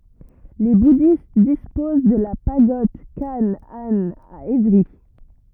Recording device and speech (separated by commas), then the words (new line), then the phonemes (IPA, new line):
rigid in-ear microphone, read sentence
Les bouddhistes disposent de la Pagode Khánh-Anh à Évry.
le budist dispoz də la paɡɔd kan an a evʁi